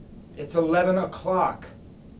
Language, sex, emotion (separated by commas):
English, male, disgusted